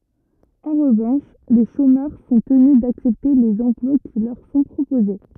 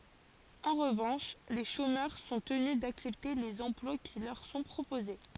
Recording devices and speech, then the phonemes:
rigid in-ear microphone, forehead accelerometer, read sentence
ɑ̃ ʁəvɑ̃ʃ le ʃomœʁ sɔ̃ təny daksɛpte lez ɑ̃plwa ki lœʁ sɔ̃ pʁopoze

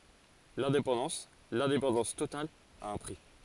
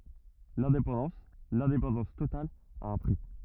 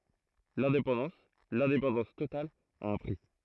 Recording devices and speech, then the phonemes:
forehead accelerometer, rigid in-ear microphone, throat microphone, read sentence
lɛ̃depɑ̃dɑ̃s lɛ̃depɑ̃dɑ̃s total a œ̃ pʁi

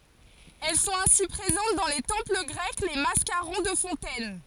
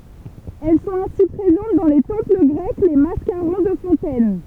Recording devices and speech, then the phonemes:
forehead accelerometer, temple vibration pickup, read sentence
ɛl sɔ̃t ɛ̃si pʁezɑ̃t dɑ̃ le tɑ̃pl ɡʁɛk le maskaʁɔ̃ də fɔ̃tɛn

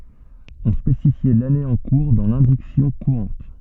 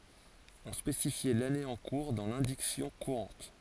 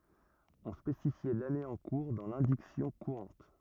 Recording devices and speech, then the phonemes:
soft in-ear microphone, forehead accelerometer, rigid in-ear microphone, read sentence
ɔ̃ spesifjɛ lane ɑ̃ kuʁ dɑ̃ lɛ̃diksjɔ̃ kuʁɑ̃t

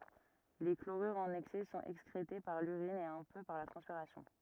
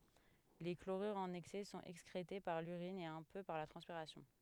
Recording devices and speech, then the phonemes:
rigid in-ear microphone, headset microphone, read sentence
le kloʁyʁz ɑ̃n ɛksɛ sɔ̃t ɛkskʁete paʁ lyʁin e œ̃ pø paʁ la tʁɑ̃spiʁasjɔ̃

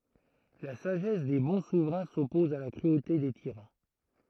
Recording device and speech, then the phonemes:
throat microphone, read sentence
la saʒɛs de bɔ̃ suvʁɛ̃ sɔpɔz a la kʁyote de tiʁɑ̃

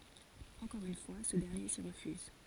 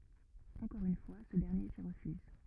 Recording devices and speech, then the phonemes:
forehead accelerometer, rigid in-ear microphone, read sentence
ɑ̃kɔʁ yn fwa sə dɛʁnje si ʁəfyz

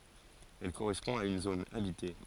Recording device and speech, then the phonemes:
forehead accelerometer, read sentence
ɛl koʁɛspɔ̃ a yn zon abite

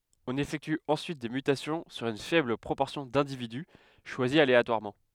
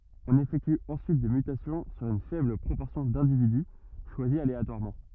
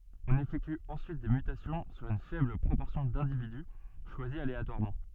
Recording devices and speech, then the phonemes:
headset microphone, rigid in-ear microphone, soft in-ear microphone, read sentence
ɔ̃n efɛkty ɑ̃syit de mytasjɔ̃ syʁ yn fɛbl pʁopɔʁsjɔ̃ dɛ̃dividy ʃwazi aleatwaʁmɑ̃

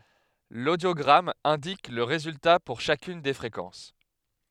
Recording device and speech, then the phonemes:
headset microphone, read sentence
lodjoɡʁam ɛ̃dik lə ʁezylta puʁ ʃakyn de fʁekɑ̃s

